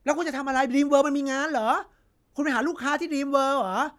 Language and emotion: Thai, angry